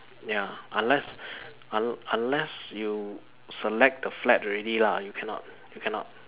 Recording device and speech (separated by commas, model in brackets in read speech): telephone, conversation in separate rooms